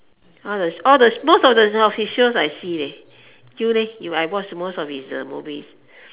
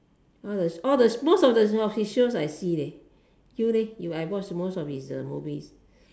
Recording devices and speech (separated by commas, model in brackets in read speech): telephone, standing microphone, conversation in separate rooms